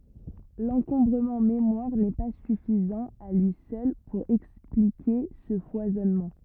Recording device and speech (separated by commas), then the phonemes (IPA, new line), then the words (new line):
rigid in-ear microphone, read sentence
lɑ̃kɔ̃bʁəmɑ̃ memwaʁ nɛ pa syfizɑ̃ a lyi sœl puʁ ɛksplike sə fwazɔnmɑ̃
L'encombrement mémoire n'est pas suffisant à lui seul pour expliquer ce foisonnement.